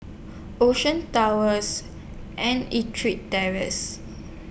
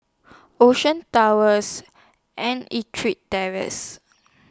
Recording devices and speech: boundary microphone (BM630), standing microphone (AKG C214), read sentence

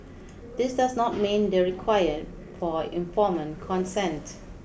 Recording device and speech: boundary microphone (BM630), read sentence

